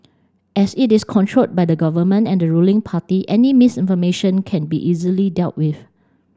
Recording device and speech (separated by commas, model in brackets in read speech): standing microphone (AKG C214), read sentence